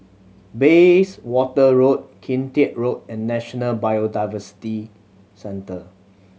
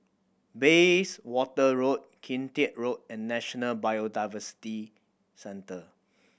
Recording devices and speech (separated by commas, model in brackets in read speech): mobile phone (Samsung C7100), boundary microphone (BM630), read sentence